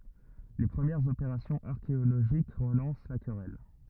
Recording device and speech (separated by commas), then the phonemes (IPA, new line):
rigid in-ear microphone, read sentence
le pʁəmjɛʁz opeʁasjɔ̃z aʁkeoloʒik ʁəlɑ̃s la kʁɛl